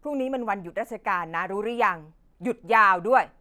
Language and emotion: Thai, angry